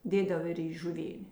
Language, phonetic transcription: Lithuanian, ˈdėdav ir į žuˈvėnė

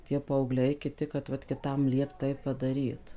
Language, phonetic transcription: Lithuanian, tie paauˈgliai kiˈti kad ˈvat kiˈtam ˈliept ˈtaip padaˈryt

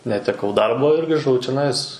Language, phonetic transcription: Lithuanian, neteˈkau ˈdarbo ir griˈžau čeˈnais

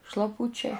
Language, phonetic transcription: Lithuanian, šlaˈpučiai

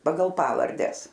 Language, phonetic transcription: Lithuanian, ˈpagal ˈpavardes

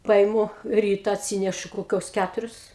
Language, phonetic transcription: Lithuanian, ˈpaimu ˈryta atˈsynešu koˈkios ˈkæturius

